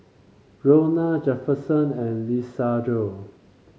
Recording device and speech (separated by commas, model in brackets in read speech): mobile phone (Samsung C5), read sentence